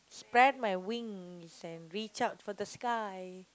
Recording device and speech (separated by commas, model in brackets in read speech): close-talking microphone, conversation in the same room